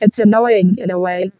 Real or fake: fake